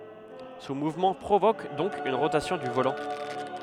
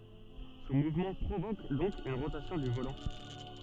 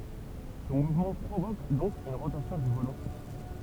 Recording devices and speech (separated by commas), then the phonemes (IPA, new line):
headset microphone, soft in-ear microphone, temple vibration pickup, read sentence
sɔ̃ muvmɑ̃ pʁovok dɔ̃k yn ʁotasjɔ̃ dy volɑ̃